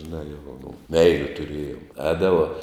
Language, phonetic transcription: Lithuanian, žiˈnā jau o mum ˈmeiliu tuˈrėjom ˈēdavo

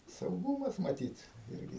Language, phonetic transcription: Lithuanian, sauˈgūmas maˈtyt ˈirgi

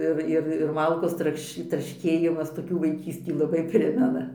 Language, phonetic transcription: Lithuanian, ˈir ir ir ˈmalkos ˈtrakš trašˈkėjimas toˈkių vaiˈkystį laˈbai ˈprimena

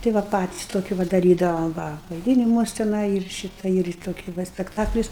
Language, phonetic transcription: Lithuanian, tai ˈva ˈpatis ˈtokiu va daˈrydavom ˈva vaiˈdynimuos teˈnai ir ˈšyta ir i ˈtoki ˈva spekˈtaklius

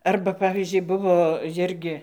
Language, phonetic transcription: Lithuanian, ˈarba ˈpavyzdžiui ˈbuvo ˈjirgi

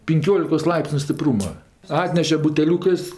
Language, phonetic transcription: Lithuanian, pinˈkiolikos ˈlaipsniu stiˈprūma ˈatneše buteˈliūkɜs

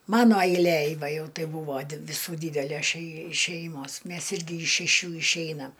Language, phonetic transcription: Lithuanian, ˈmano ailˈėj ˈva ˈjau ˈtai ˈbūvo viˈsų ˈdydelæs šei ˈšeimos ˈmes ˈirgi iš šeˈšių išˈeinam

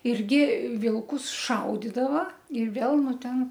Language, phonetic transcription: Lithuanian, ˈirgi ˈvilkus ˈšaudidava ir ˈvėl ˈnu ˈten

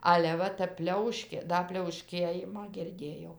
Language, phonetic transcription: Lithuanian, ˈale ˈva tæp ˈpliauškė ˈda pliauˈškėjimą girˈdėjau

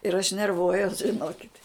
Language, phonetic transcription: Lithuanian, ir aš nerˈvuojuos žiˈnokit'

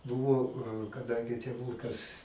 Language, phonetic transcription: Lithuanian, ˈbuvo kaˈdangi tėˈvūkas

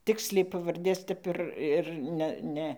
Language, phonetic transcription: Lithuanian, ˈtiksliai pavarˈdės ˈtep ir ir ˈne ˈne

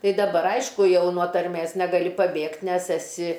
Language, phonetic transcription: Lithuanian, ˈtai daˈbar ˈaišku ˈjau nuo tarˈmės negaˈli paˈbėgt' ˈnes eˈsi

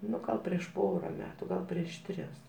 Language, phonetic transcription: Lithuanian, ˈnu ˈgal prieš ˈpora ˈmetu ˈgal prieš ˈtris

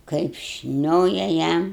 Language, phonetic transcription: Lithuanian, kaip ˈšnioja ˈjam

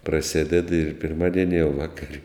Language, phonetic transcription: Lithuanian, praˈsėded ir pirˈmadieni jau ˈvakar'

